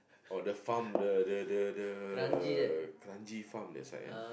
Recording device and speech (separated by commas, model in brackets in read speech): boundary microphone, conversation in the same room